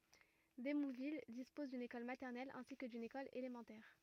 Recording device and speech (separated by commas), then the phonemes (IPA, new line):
rigid in-ear microphone, read sentence
demuvil dispɔz dyn ekɔl matɛʁnɛl ɛ̃si kə dyn ekɔl elemɑ̃tɛʁ